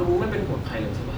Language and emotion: Thai, frustrated